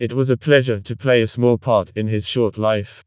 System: TTS, vocoder